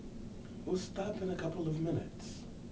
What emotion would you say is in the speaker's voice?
neutral